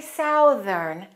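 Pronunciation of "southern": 'Southern' is pronounced incorrectly here, with the ow vowel of 'south'.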